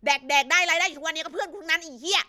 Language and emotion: Thai, angry